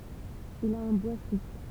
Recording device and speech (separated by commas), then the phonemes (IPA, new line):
temple vibration pickup, read sentence
il a œ̃ bwa supl